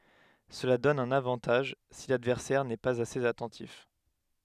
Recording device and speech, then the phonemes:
headset microphone, read sentence
səla dɔn œ̃n avɑ̃taʒ si ladvɛʁsɛʁ nɛ paz asez atɑ̃tif

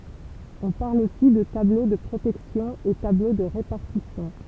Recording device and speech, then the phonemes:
temple vibration pickup, read sentence
ɔ̃ paʁl osi də tablo də pʁotɛksjɔ̃ e tablo də ʁepaʁtisjɔ̃

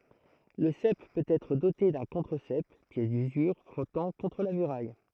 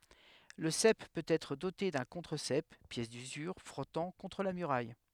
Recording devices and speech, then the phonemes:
throat microphone, headset microphone, read sentence
lə sɛp pøt ɛtʁ dote dœ̃ kɔ̃tʁəzɛp pjɛs dyzyʁ fʁɔtɑ̃ kɔ̃tʁ la myʁaj

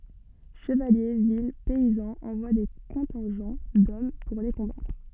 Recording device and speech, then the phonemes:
soft in-ear microphone, read sentence
ʃəvalje vil pɛizɑ̃z ɑ̃vwa de kɔ̃tɛ̃ʒɑ̃ dɔm puʁ le kɔ̃batʁ

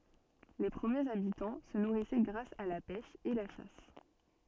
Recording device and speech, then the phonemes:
soft in-ear microphone, read sentence
le pʁəmjez abitɑ̃ sə nuʁisɛ ɡʁas a la pɛʃ e la ʃas

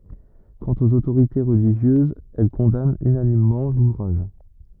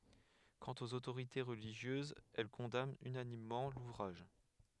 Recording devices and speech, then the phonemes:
rigid in-ear microphone, headset microphone, read sentence
kɑ̃t oz otoʁite ʁəliʒjøzz ɛl kɔ̃dant ynanimmɑ̃ luvʁaʒ

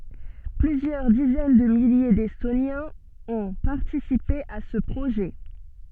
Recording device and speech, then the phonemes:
soft in-ear microphone, read sentence
plyzjœʁ dizɛn də milje dɛstonjɛ̃z ɔ̃ paʁtisipe a sə pʁoʒɛ

